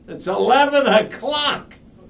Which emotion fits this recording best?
disgusted